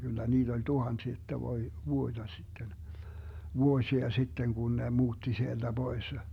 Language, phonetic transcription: Finnish, Gyllä 'niiD ‿oĺ "tuhansi ‿että 'voi- , 'vuoⁱDa sitten , "vuosia 'sitteŋ kun ne 'muutti 'sielDä 'Boisse .
- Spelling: kyllä niitä oli tuhansia että - vuotta sitten vuosia sitten kun ne muutti sieltä pois

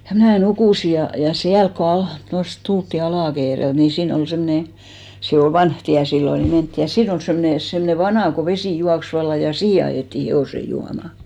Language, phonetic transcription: Finnish, ja 'mnä̀ "nukùsi ja , ja 'siälk ko 'aht- , tost 'tultti 'Alà-Keerelt ni 'siin ‿ol 'semne , 'se ol "vanh 'tiä 'sillo ni 'mentti , ja 'siin ‿ol 'semne , 'semne "vanà ko 'vesì 'juaks 'valla , ja "siihe ajètti 'he₍òse 'juama .
- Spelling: ja minä nukuin ja ja siellä kun - tuosta tultiin Ala-Keereltä niin siinä oli semmoinen se oli vanha tie silloin niin mentiin ja siinä oli semmoinen semmoinen vana kun vesi juoksi vallan ja siihen ajettiin hevoset juomaan

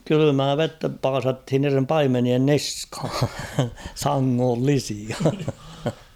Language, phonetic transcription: Finnish, 'kylymää "vettä 'paasathin niirem "paimenien "niskhᴀ ; "saŋŋollisia .
- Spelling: kylmää vettä paasattiin niiden paimenien niskaan sangollisia

